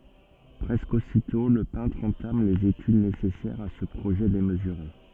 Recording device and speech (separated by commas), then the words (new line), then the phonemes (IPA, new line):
soft in-ear microphone, read sentence
Presque aussitôt, le peintre entame les études nécessaires à ce projet démesuré.
pʁɛskə ositɔ̃ lə pɛ̃tʁ ɑ̃tam lez etyd nesɛsɛʁz a sə pʁoʒɛ demzyʁe